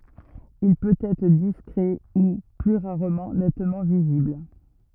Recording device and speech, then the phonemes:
rigid in-ear microphone, read sentence
il pøt ɛtʁ diskʁɛ u ply ʁaʁmɑ̃ nɛtmɑ̃ vizibl

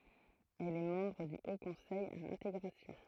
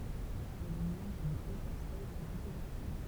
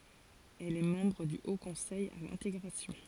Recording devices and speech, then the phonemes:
throat microphone, temple vibration pickup, forehead accelerometer, read sentence
ɛl ɛ mɑ̃bʁ dy o kɔ̃sɛj a lɛ̃teɡʁasjɔ̃

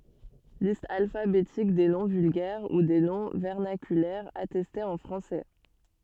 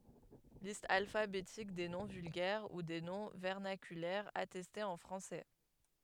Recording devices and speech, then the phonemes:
soft in-ear microphone, headset microphone, read sentence
list alfabetik de nɔ̃ vylɡɛʁ u de nɔ̃ vɛʁnakylɛʁz atɛstez ɑ̃ fʁɑ̃sɛ

